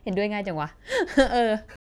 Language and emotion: Thai, happy